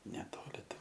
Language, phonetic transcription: Lithuanian, neˈtoli ˈten

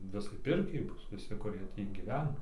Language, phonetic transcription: Lithuanian, ˈvisai ˈpirkiai ˈbus viˈsi kuˈrie ˈtį gyˈvena

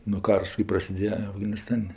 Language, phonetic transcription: Lithuanian, nu ˈkars kɜ prasiˈdėje afganiˈstan'

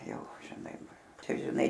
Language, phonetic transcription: Lithuanian, ˈjau žiˈnai ˈčia žiˈnai

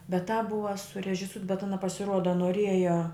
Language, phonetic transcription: Lithuanian, bet tāp ˈbuva surežiˈsūt bet ˈana pasiˈruoda noˈrieja

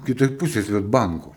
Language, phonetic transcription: Lithuanian, kiˈtoj ˈpusėj svedˈbanku

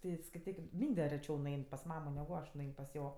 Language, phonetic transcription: Lithuanian, ˈti skaiˈtykim ˈmynde reˈčiau nuˈein pas ˈmamo negu ˈaš nuˈein pas ˈjo

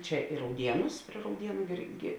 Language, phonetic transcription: Lithuanian, ˈčia i rauˈdienus prie rauˈdienu ˈirˌgi

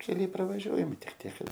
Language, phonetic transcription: Lithuanian, keˈliai pravaˈžiuojami ˈtik ˈtiek ˈkad

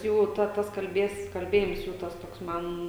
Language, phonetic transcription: Lithuanian, ˈjų ˈta ˈtas kalˈbės kalˈbėjims ˈjų ˈtas ˈtoks ˈman

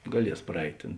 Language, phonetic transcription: Lithuanian, gaˈlies praˈeit' ˈtėn

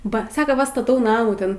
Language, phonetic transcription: Lithuanian, ˈba ˈsako ˈva staˈtau ˈnamų ˈten

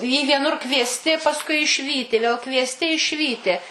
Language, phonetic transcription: Lithuanian, į vieˈnur kviesˈti pasˈkui išˈvyti vėl kviesˈti išˈvyti

